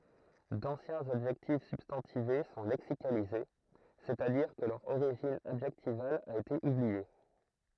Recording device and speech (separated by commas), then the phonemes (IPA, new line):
throat microphone, read sentence
dɑ̃sjɛ̃z adʒɛktif sybstɑ̃tive sɔ̃ lɛksikalize sɛstadiʁ kə lœʁ oʁiʒin adʒɛktival a ete ublie